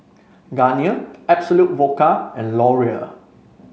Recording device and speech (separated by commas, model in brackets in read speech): mobile phone (Samsung C5), read sentence